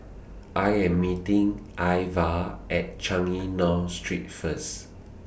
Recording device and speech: boundary microphone (BM630), read sentence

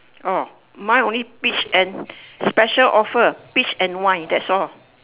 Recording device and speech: telephone, conversation in separate rooms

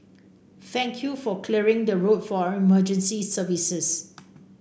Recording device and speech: boundary microphone (BM630), read sentence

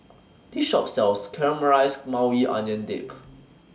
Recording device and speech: standing microphone (AKG C214), read sentence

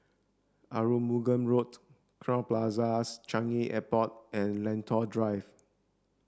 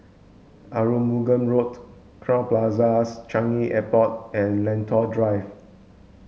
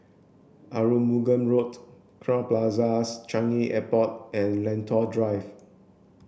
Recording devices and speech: standing microphone (AKG C214), mobile phone (Samsung S8), boundary microphone (BM630), read sentence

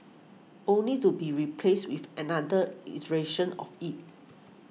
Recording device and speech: mobile phone (iPhone 6), read sentence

